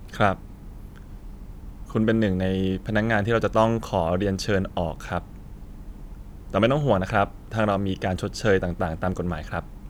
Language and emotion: Thai, neutral